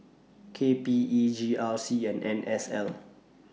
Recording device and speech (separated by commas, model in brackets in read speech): mobile phone (iPhone 6), read sentence